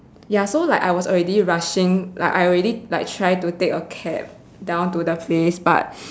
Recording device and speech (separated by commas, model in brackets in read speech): standing microphone, conversation in separate rooms